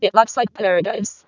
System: VC, vocoder